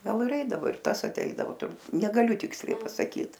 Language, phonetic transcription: Lithuanian, ˈgal ir ˈeidavo ir ˈtas aˈteidavo tur negaˈliu ˈtiksliai pasaˈkyt

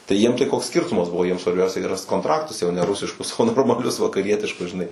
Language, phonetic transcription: Lithuanian, tai ˈjiem tai ˈkoks ˈskirtumas ˈbuvo ˈjiem svarˈbiausia gi ˈrast kontˈraktus jau ne ˈrusiškus o normaˈlius vakaˈrietiškus žiˈnai

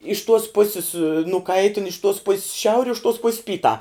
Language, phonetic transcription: Lithuanian, iš tuos ˈpusis nuˈkaitin iš tuos pus's ˈšiauri iš tuos pus' ˈpytā

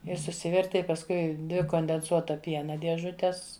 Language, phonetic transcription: Lithuanian, ir suˈsiverti i pasˈkui ˈdvi kondenˈsuota ˈpiena dieˈžutes

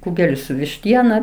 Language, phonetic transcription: Lithuanian, ˈkūgeli su višˈtiena

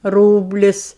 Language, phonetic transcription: Lithuanian, ˈrūblis

